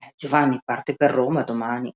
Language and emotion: Italian, neutral